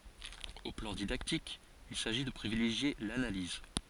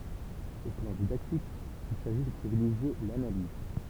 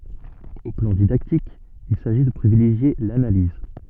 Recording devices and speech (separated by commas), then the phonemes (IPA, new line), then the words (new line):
forehead accelerometer, temple vibration pickup, soft in-ear microphone, read sentence
o plɑ̃ didaktik il saʒi də pʁivileʒje lanaliz
Au plan didactique, il s'agit de privilégier l'analyse.